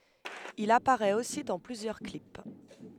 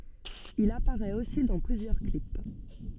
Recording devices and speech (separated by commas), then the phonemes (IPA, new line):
headset microphone, soft in-ear microphone, read sentence
il apaʁɛt osi dɑ̃ plyzjœʁ klip